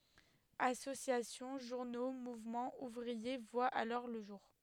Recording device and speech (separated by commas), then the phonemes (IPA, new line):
headset microphone, read sentence
asosjasjɔ̃ ʒuʁno muvmɑ̃z uvʁie vwat alɔʁ lə ʒuʁ